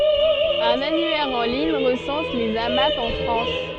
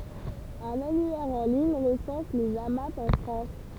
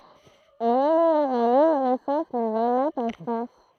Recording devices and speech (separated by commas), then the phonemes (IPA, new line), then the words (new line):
soft in-ear microphone, temple vibration pickup, throat microphone, read sentence
œ̃n anyɛʁ ɑ̃ liɲ ʁəsɑ̃s lez amap ɑ̃ fʁɑ̃s
Un annuaire en ligne recense les Amap en France.